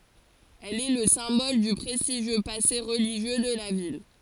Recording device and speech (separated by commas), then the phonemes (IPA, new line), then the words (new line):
forehead accelerometer, read sentence
ɛl ɛ lə sɛ̃bɔl dy pʁɛstiʒjø pase ʁəliʒjø də la vil
Elle est le symbole du prestigieux passé religieux de la ville.